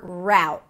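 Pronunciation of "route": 'Route' is said with the ow sound of 'now'.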